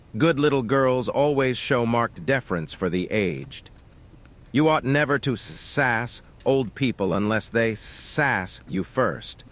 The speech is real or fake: fake